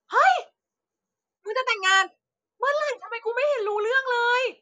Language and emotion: Thai, happy